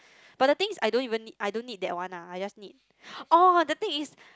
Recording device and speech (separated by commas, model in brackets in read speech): close-talking microphone, conversation in the same room